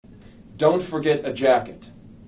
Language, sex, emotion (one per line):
English
male
neutral